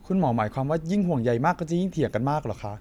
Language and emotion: Thai, frustrated